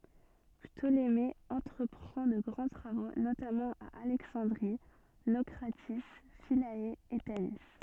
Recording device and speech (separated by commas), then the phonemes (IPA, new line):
soft in-ear microphone, read sentence
ptoleme ɑ̃tʁəpʁɑ̃ də ɡʁɑ̃ tʁavo notamɑ̃ a alɛksɑ̃dʁi nokʁati fila e tani